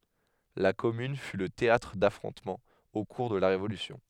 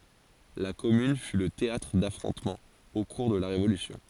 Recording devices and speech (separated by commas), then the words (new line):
headset microphone, forehead accelerometer, read sentence
La commune fut le théâtre d'affrontements au cours de la Révolution.